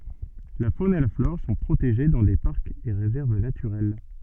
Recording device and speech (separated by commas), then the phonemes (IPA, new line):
soft in-ear microphone, read sentence
la fon e la flɔʁ sɔ̃ pʁoteʒe dɑ̃ de paʁkz e ʁezɛʁv natyʁɛl